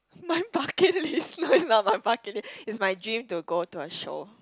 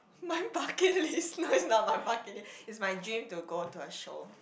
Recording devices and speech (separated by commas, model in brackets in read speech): close-talking microphone, boundary microphone, conversation in the same room